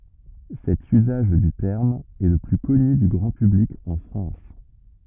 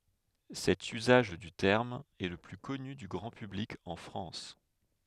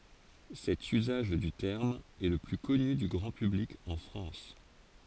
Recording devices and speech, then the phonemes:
rigid in-ear microphone, headset microphone, forehead accelerometer, read sentence
sɛt yzaʒ dy tɛʁm ɛ lə ply kɔny dy ɡʁɑ̃ pyblik ɑ̃ fʁɑ̃s

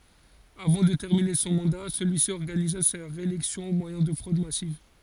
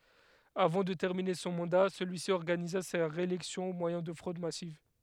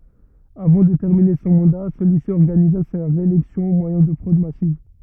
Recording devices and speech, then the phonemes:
forehead accelerometer, headset microphone, rigid in-ear microphone, read sentence
avɑ̃ də tɛʁmine sɔ̃ mɑ̃da səlyi si ɔʁɡaniza sa ʁeelɛksjɔ̃ o mwajɛ̃ də fʁod masiv

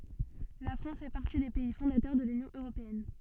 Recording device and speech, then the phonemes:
soft in-ear microphone, read sentence
la fʁɑ̃s fɛ paʁti de pɛi fɔ̃datœʁ də lynjɔ̃ øʁopeɛn

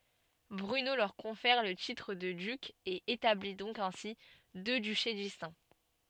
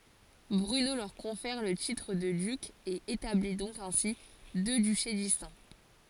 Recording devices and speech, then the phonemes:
soft in-ear microphone, forehead accelerometer, read sentence
bʁyno lœʁ kɔ̃fɛʁ lə titʁ də dyk e etabli dɔ̃k ɛ̃si dø dyʃe distɛ̃

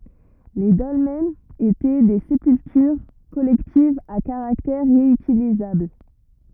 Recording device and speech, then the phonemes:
rigid in-ear microphone, read sentence
le dɔlmɛnz etɛ de sepyltyʁ kɔlɛktivz a kaʁaktɛʁ ʁeytilizabl

